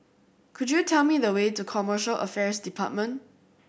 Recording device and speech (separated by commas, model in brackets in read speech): boundary microphone (BM630), read sentence